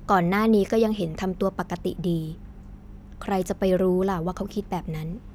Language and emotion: Thai, neutral